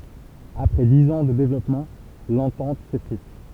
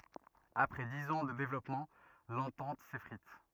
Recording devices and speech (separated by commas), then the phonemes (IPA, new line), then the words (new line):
temple vibration pickup, rigid in-ear microphone, read sentence
apʁɛ diz ɑ̃ də devlɔpmɑ̃ lɑ̃tɑ̃t sefʁit
Après dix ans de développement, l’entente s’effrite.